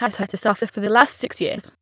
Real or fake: fake